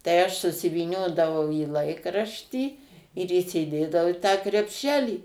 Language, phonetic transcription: Lithuanian, tai ˈaš susivyˈniodavau į ˈlaikraštį ir įsiˈdėdavau i tą krepˈšelį

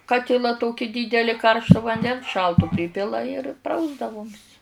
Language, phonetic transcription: Lithuanian, ˈkatila ˈtoki dydeli ˈkaršto vanˈdens ˈšaltu ˈprypila ir ˈprausdavom's

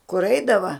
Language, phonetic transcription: Lithuanian, kur ˈeidava

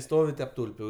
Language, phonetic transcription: Lithuanian, ˈstovi tep ˈtulpiu

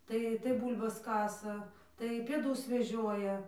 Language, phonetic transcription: Lithuanian, ˈtai tai ˈbūl'bas ˈkasa tai pėˈdus veˈžioja

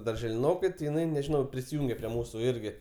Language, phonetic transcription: Lithuanian, darželiˈnokai ti jiˈnai nežiˈnau prisiˈjūnge prie ˈmūsu ˈirgi

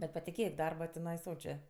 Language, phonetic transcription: Lithuanian, bet patiˈkėk ˈdarba tiˈnai ˈsočė

